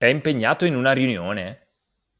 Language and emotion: Italian, surprised